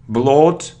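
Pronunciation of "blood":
'Blood' is pronounced incorrectly here.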